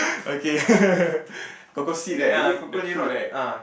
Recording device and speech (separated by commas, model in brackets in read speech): boundary microphone, conversation in the same room